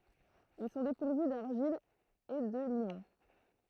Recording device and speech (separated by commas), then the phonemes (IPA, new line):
throat microphone, read sentence
il sɔ̃ depuʁvy daʁʒil e də limɔ̃